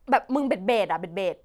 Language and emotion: Thai, neutral